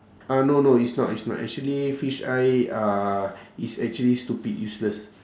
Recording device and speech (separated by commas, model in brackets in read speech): standing microphone, conversation in separate rooms